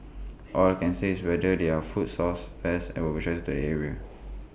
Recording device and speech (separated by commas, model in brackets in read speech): boundary microphone (BM630), read sentence